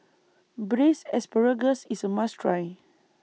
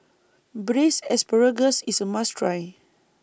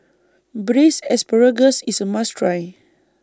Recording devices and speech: mobile phone (iPhone 6), boundary microphone (BM630), standing microphone (AKG C214), read sentence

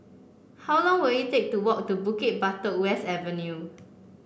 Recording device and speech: boundary microphone (BM630), read sentence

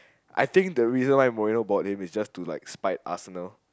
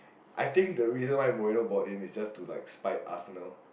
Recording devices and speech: close-talking microphone, boundary microphone, conversation in the same room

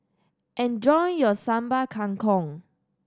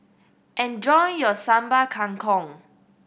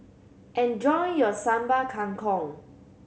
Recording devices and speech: standing microphone (AKG C214), boundary microphone (BM630), mobile phone (Samsung C7100), read sentence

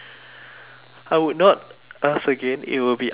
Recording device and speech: telephone, conversation in separate rooms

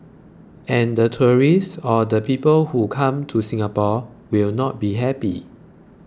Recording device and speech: close-talking microphone (WH20), read sentence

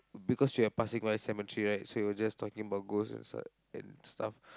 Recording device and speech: close-talking microphone, conversation in the same room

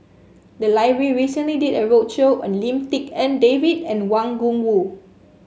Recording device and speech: mobile phone (Samsung S8), read sentence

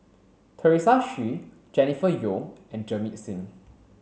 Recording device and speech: mobile phone (Samsung C7), read sentence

